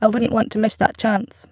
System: VC, spectral filtering